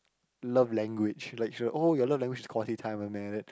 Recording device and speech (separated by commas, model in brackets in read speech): close-talking microphone, conversation in the same room